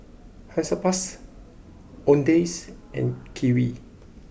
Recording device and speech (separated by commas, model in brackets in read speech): boundary microphone (BM630), read sentence